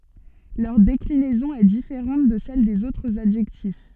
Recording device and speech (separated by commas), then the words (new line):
soft in-ear microphone, read sentence
Leur déclinaison est différente de celles des autres adjectifs.